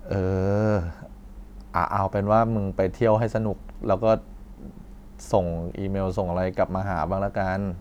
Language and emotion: Thai, frustrated